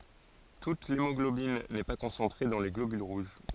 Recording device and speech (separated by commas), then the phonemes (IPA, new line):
forehead accelerometer, read sentence
tut lemɔɡlobin nɛ pa kɔ̃sɑ̃tʁe dɑ̃ le ɡlobyl ʁuʒ